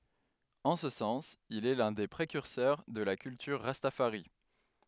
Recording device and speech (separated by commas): headset microphone, read sentence